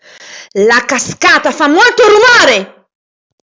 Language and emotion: Italian, angry